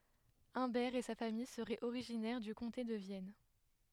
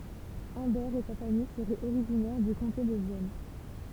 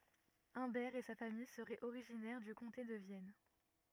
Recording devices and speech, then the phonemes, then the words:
headset microphone, temple vibration pickup, rigid in-ear microphone, read sentence
œ̃bɛʁ e sa famij səʁɛt oʁiʒinɛʁ dy kɔ̃te də vjɛn
Humbert et sa famille seraient originaires du comté de Vienne.

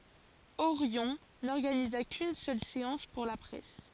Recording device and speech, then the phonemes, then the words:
forehead accelerometer, read sentence
oʁjɔ̃ nɔʁɡaniza kyn sœl seɑ̃s puʁ la pʁɛs
Orion n'organisa qu'une seule séance pour la presse.

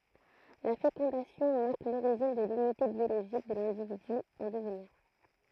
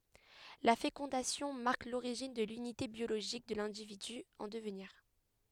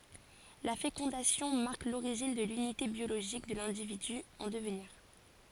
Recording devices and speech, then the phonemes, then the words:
throat microphone, headset microphone, forehead accelerometer, read sentence
la fekɔ̃dasjɔ̃ maʁk loʁiʒin də lynite bjoloʒik də lɛ̃dividy ɑ̃ dəvniʁ
La fécondation marque l'origine de l'unité biologique de l'individu en devenir.

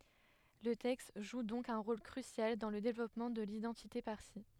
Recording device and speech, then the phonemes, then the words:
headset microphone, read sentence
lə tɛkst ʒu dɔ̃k œ̃ ʁol kʁysjal dɑ̃ lə devlɔpmɑ̃ də lidɑ̃tite paʁsi
Le texte joue donc un rôle crucial dans le développement de l'identité parsie.

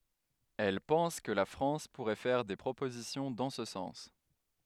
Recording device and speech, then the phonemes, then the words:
headset microphone, read sentence
ɛl pɑ̃s kə la fʁɑ̃s puʁɛ fɛʁ de pʁopozisjɔ̃ dɑ̃ sə sɑ̃s
Elle pense que la France pourrait faire des propositions dans ce sens.

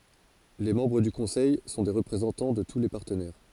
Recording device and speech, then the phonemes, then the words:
forehead accelerometer, read sentence
le mɑ̃bʁ dy kɔ̃sɛj sɔ̃ de ʁəpʁezɑ̃tɑ̃ də tu le paʁtənɛʁ
Les membres du Conseil sont des représentants de tous les partenaires.

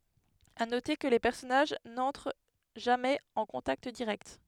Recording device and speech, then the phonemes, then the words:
headset microphone, read sentence
a note kə le pɛʁsɔnaʒ nɑ̃tʁ ʒamɛz ɑ̃ kɔ̃takt diʁɛkt
À noter que les personnages n'entrent jamais en contact direct.

